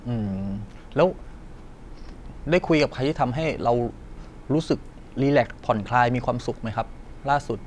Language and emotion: Thai, neutral